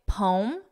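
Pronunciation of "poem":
'Poem' is said as one syllable.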